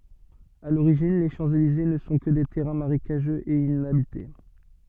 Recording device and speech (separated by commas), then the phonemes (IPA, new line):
soft in-ear microphone, read sentence
a loʁiʒin le ʃɑ̃pselize nə sɔ̃ kə de tɛʁɛ̃ maʁekaʒøz e inabite